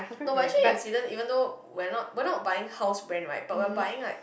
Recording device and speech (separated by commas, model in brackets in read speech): boundary microphone, conversation in the same room